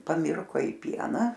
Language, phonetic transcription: Lithuanian, paˈmirko i ˈpiena

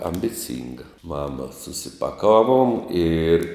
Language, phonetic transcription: Lithuanian, ambiˈcinga ˈmama susipaˈkavuom ir

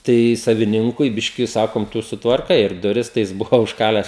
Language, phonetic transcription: Lithuanian, ˈtai saviˈninkui ˈbiški ˈsakom ˈtu sutvarˈkai ir duˈris tai ˈjis ˈbuvo užˈkalęs

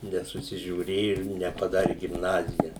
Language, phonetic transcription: Lithuanian, nesusižiūˈrėju ir nepaˈdari gimˈnazija

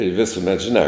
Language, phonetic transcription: Lithuanian, i ˈvisumet žiˈnā

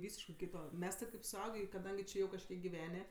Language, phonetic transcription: Lithuanian, ˈvysiškɜ ˈkyto ˈmes ti kaip suˈaugė i kaˈdangi ˈčė jau kažˈkiek giˈvenė

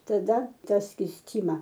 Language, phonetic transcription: Lithuanian, taˈda ˈtą skysˈtyma

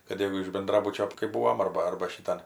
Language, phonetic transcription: Lithuanian, kad ˈjau iš benˈdrabučio kai ˈbūvom ˈarba ˈarba šiˈtan

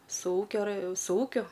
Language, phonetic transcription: Lithuanian, su ˈūkio rɜ su ˈūkiu

